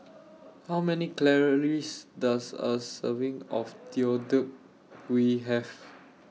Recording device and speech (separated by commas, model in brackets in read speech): mobile phone (iPhone 6), read sentence